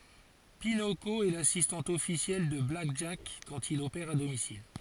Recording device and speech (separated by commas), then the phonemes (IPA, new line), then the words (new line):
forehead accelerometer, read sentence
pinoko ɛ lasistɑ̃t ɔfisjɛl də blak ʒak kɑ̃t il opɛʁ a domisil
Pinoko est l'assistante officielle de Black Jack quand il opère à domicile.